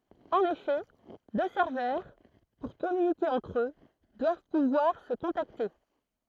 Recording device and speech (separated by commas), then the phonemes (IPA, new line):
throat microphone, read sentence
ɑ̃n efɛ dø sɛʁvœʁ puʁ kɔmynike ɑ̃tʁ ø dwav puvwaʁ sə kɔ̃takte